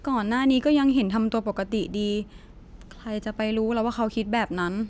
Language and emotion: Thai, sad